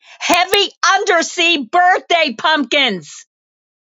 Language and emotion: English, neutral